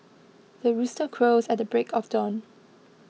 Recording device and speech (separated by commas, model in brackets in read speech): mobile phone (iPhone 6), read sentence